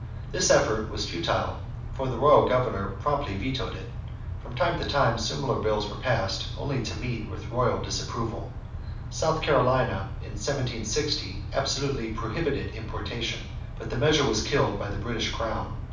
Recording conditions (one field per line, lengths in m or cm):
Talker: one person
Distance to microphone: 5.8 m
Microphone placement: far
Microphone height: 1.8 m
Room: medium-sized (5.7 m by 4.0 m)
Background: none